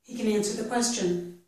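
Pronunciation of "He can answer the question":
The word here is 'can', not 'can't', and 'can' is said in a reduced form.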